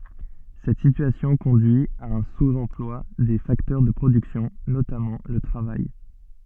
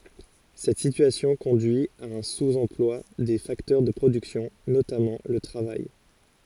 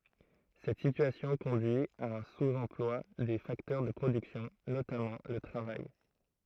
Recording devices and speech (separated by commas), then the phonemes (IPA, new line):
soft in-ear microphone, forehead accelerometer, throat microphone, read sentence
sɛt sityasjɔ̃ kɔ̃dyi a œ̃ suz ɑ̃plwa de faktœʁ də pʁodyksjɔ̃ notamɑ̃ lə tʁavaj